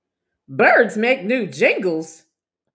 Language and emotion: English, disgusted